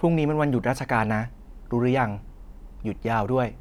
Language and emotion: Thai, neutral